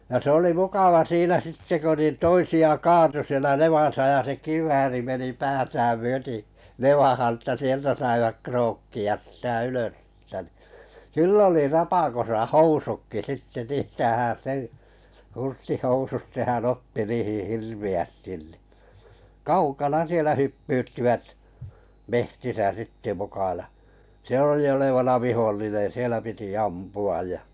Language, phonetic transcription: Finnish, ja 'se oli mukava 'siinä "sitte ko nin 'toisi₍a "kaatu sielä 'nevàsa ja 'se "kiv̀ääri meni 'päätääm 'myöti , "nevahan ᵊttä 'sieltä saivak 'krookki₍as sⁱtä "ylös s(ie)ltä nì , "kyll ‿oli 'rapakosa "housukki 'sitte ni (t)ietäähän 'sen , 'hursti'housut sehän 'otti 'niihih "hirvi₍ästin nì , "kaukana 'sielä "hyppyyttivät , 'mehtisä 'sitte muka ja , 'se 'oli olevana "vihollinen̬ , 'sielä piti "ampu aj ja ,.
- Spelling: ja se oli mukava siinä sitten kun niin toisia kaatui siellä nevassa ja se kivääri meni päätään myöten nevaan että sieltä saivat krookkia sitä ylös sieltä niin kyllä oli rapakossa housutkin sitten niin tietäähän sen hurstihousut sehän otti niihin hirveästi niin kaukana siellä hyppyyttivät metsissä sitten muka ja se oli olevana vihollinen siellä piti ampua ja

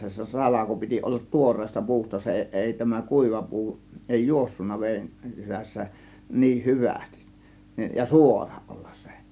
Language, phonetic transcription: Finnish, se 'salako piti ollat "tuor̀eesta , "pu̬usta , 'se 'èi tämä 'kùiva "pu̬u , 'èi "juossunna veen , sisässä , 'niih "hyvästIs , ja "suorA 'ˀOLLAs sE .
- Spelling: se salko piti olla tuoreesta puusta se ei tämä kuiva puu ei juossut veden sisässä niin hyvästi ja suora olla se

